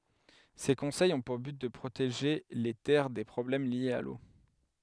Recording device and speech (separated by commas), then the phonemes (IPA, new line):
headset microphone, read sentence
se kɔ̃sɛjz ɔ̃ puʁ byt də pʁoteʒe le tɛʁ de pʁɔblɛm ljez a lo